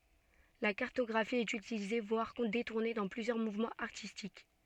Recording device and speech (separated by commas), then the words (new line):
soft in-ear microphone, read sentence
La cartographie est utilisée voire détournée dans plusieurs mouvements artistiques.